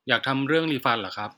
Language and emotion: Thai, neutral